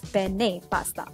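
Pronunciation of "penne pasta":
'Penne pasta' is pronounced correctly here.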